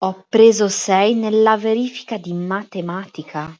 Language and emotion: Italian, surprised